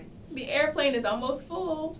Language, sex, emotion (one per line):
English
female
happy